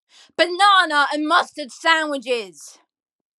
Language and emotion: English, angry